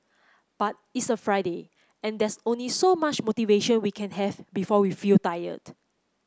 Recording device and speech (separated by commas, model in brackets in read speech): close-talking microphone (WH30), read sentence